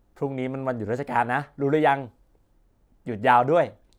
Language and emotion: Thai, happy